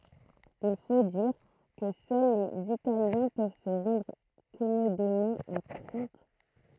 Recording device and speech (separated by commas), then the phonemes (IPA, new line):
throat microphone, read sentence
il fo diʁ kə sœl lez italjɛ̃ pøv sə ʁɑ̃dʁ kɔmodemɑ̃ a tʁɑ̃t